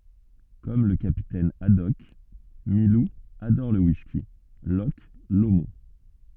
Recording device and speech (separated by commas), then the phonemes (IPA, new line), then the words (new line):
soft in-ear microphone, read sentence
kɔm lə kapitɛn adɔk milu adɔʁ lə wiski lɔʃ lomɔ̃
Comme le capitaine Haddock, Milou adore le whisky Loch Lomond.